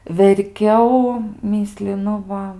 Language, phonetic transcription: Lithuanian, verˈkiau ˈmyslinu ˈva

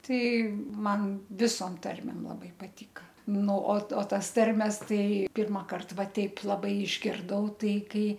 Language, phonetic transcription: Lithuanian, ˈtai ˈman ˈvisom ˈtarmėm laˈbai paˈtyka ˈnu o ˈto ˈtas ˈtarmes ˈtai ˈpirmakart ˈva ˈteip laˈbai išgirˈdau ˈtai ˈkai

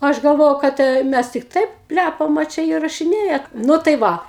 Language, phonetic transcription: Lithuanian, ˈaš galˈvojau kad e ˈmæs tik ˈtaip ˈplæpam a ˈčia įrašiˈnėja ˈnu tai ˈva

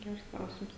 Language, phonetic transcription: Lithuanian, ˈgers ˈklausims

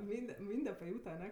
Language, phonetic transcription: Lithuanian, ˈmynde ˈmynde paˈjūta aˈne

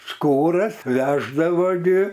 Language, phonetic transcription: Lithuanian, ˈskūras ˈveždavo gi

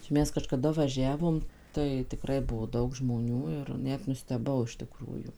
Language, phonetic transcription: Lithuanian, čia ˈmes kažkaˈda vaˈžiavom ˈtai tiˈkrai ˈbuo ˈdaug žmoˈnių ir ˈnet nusteˈbau iš tiˈkrųjų

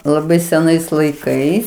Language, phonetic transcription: Lithuanian, laˈbai seˈnais laiˈkais

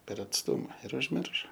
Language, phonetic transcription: Lithuanian, per atsˈtuma ir užˈmiršo

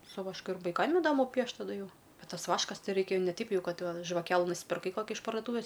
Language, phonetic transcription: Lithuanian, su vašˈku ir vaiˈkam iˈdamu ˈpiešt taˈdu ˈjau ˈbet ˈtas ˈvaškas ˈtei ˈraikia ne ˈteip ˈjau ˈkad žvaˈkelɨ nuspirˈkai ˈkoki iš pardoˈtūvės

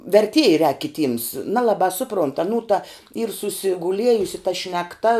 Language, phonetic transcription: Lithuanian, verˈtieja rēk kiˈtyms ˈnalabā ˈsuˌpront aˈnų ta yr susiguˈliejusi ta šnekˈta

